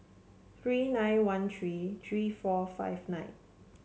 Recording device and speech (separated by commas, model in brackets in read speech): mobile phone (Samsung C7), read sentence